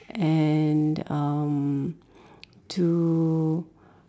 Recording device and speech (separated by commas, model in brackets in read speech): standing microphone, conversation in separate rooms